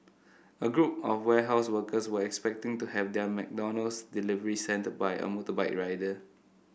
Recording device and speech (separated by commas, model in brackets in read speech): boundary microphone (BM630), read sentence